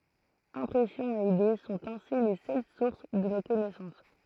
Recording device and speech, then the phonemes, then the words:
throat microphone, read sentence
ɛ̃pʁɛsjɔ̃z e ide sɔ̃t ɛ̃si le sœl suʁs də no kɔnɛsɑ̃s
Impressions et idées sont ainsi les seules sources de nos connaissances.

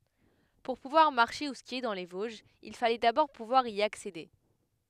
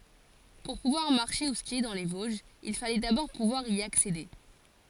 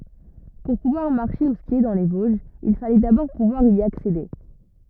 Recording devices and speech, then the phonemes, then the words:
headset microphone, forehead accelerometer, rigid in-ear microphone, read sentence
puʁ puvwaʁ maʁʃe u skje dɑ̃ le voʒz il falɛ dabɔʁ puvwaʁ i aksede
Pour pouvoir marcher ou skier dans les Vosges, il fallait d’abord pouvoir y accéder.

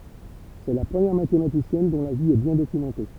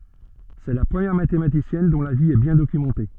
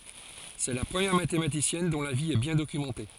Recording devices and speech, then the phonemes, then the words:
temple vibration pickup, soft in-ear microphone, forehead accelerometer, read sentence
sɛ la pʁəmjɛʁ matematisjɛn dɔ̃ la vi ɛ bjɛ̃ dokymɑ̃te
C'est la première mathématicienne dont la vie est bien documentée.

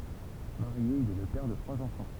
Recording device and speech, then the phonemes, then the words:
temple vibration pickup, read sentence
maʁje il ɛ lə pɛʁ də tʁwaz ɑ̃fɑ̃
Marié, il est le père de trois enfants.

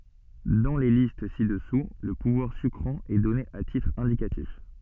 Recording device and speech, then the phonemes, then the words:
soft in-ear microphone, read sentence
dɑ̃ le list si dəsu lə puvwaʁ sykʁɑ̃ ɛ dɔne a titʁ ɛ̃dikatif
Dans les listes ci-dessous, le pouvoir sucrant est donné à titre indicatif.

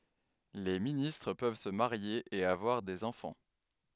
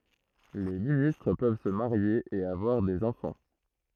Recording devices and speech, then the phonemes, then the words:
headset microphone, throat microphone, read sentence
le ministʁ pøv sə maʁje e avwaʁ dez ɑ̃fɑ̃
Les ministres peuvent se marier et avoir des enfants.

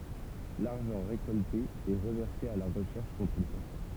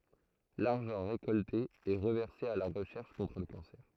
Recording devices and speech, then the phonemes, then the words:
temple vibration pickup, throat microphone, read sentence
laʁʒɑ̃ ʁekɔlte ɛ ʁəvɛʁse a la ʁəʃɛʁʃ kɔ̃tʁ lə kɑ̃sɛʁ
L'argent récolté est reversé à la recherche contre le cancer.

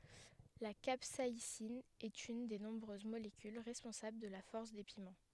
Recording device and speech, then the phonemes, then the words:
headset microphone, read sentence
la kapsaisin ɛt yn de nɔ̃bʁøz molekyl ʁɛspɔ̃sabl də la fɔʁs de pimɑ̃
La capsaïcine est une des nombreuses molécules responsables de la force des piments.

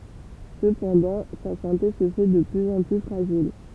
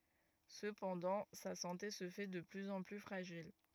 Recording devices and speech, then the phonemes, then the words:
temple vibration pickup, rigid in-ear microphone, read sentence
səpɑ̃dɑ̃ sa sɑ̃te sə fɛ də plyz ɑ̃ ply fʁaʒil
Cependant, sa santé se fait de plus en plus fragile.

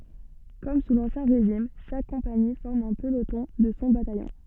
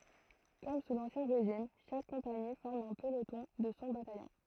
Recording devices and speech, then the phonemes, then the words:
soft in-ear microphone, throat microphone, read sentence
kɔm su lɑ̃sjɛ̃ ʁeʒim ʃak kɔ̃pani fɔʁm œ̃ pəlotɔ̃ də sɔ̃ batajɔ̃
Comme sous l'Ancien Régime, chaque compagnie forme un peloton de son bataillon.

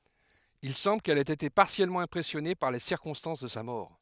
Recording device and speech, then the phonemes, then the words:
headset microphone, read sentence
il sɑ̃bl kɛl ɛt ete paʁtikyljɛʁmɑ̃ ɛ̃pʁɛsjɔne paʁ le siʁkɔ̃stɑ̃s də sa mɔʁ
Il semble qu'elle ait été particulièrement impressionnée par les circonstances de sa mort.

